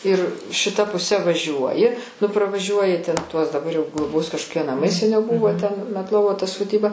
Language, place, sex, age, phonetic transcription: Lithuanian, Aukštaitija, female, 60+, ir šiˈta puˈse vaˈžiuoji nu pravaˈžiuoji ten tuos daˈbar jau gloˈbos kažkoˈkie naˈmai seˈniau ˈbuvo ten metˈlovo ta soˈdyba

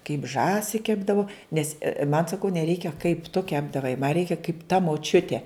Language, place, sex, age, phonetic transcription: Lithuanian, Žemaitija, female, 60+, kaip ˈžąsi ˈkepdavu ˈnes man saˈkau neˈreikia kaip tu ˈkepdavai ma ˈreikia kaip ta moˈčiutė

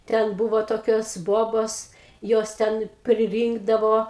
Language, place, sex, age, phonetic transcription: Lithuanian, Aukštaitija, female, 60+, ˈten ˈbūvo toˈkios ˈbobos ˈjos ˈten priˈrynkdavo

